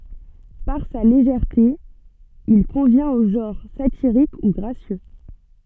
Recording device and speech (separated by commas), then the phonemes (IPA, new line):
soft in-ear microphone, read sentence
paʁ sa leʒɛʁte il kɔ̃vjɛ̃t o ʒɑ̃ʁ satiʁik u ɡʁasjø